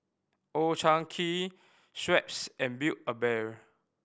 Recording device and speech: boundary microphone (BM630), read sentence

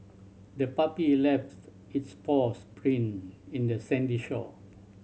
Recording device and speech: mobile phone (Samsung C7100), read sentence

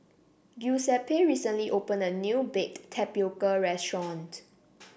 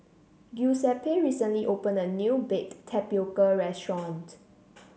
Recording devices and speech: boundary microphone (BM630), mobile phone (Samsung C7), read sentence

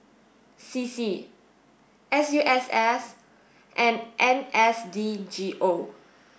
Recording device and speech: boundary microphone (BM630), read sentence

